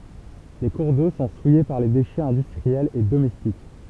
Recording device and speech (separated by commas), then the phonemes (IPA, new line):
temple vibration pickup, read sentence
le kuʁ do sɔ̃ suje paʁ le deʃɛz ɛ̃dystʁiɛlz e domɛstik